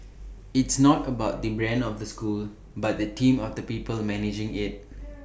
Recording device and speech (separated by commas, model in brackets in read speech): boundary microphone (BM630), read sentence